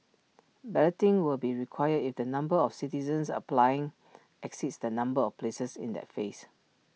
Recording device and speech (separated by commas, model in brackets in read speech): mobile phone (iPhone 6), read sentence